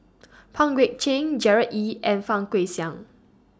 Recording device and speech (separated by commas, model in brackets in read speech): standing microphone (AKG C214), read sentence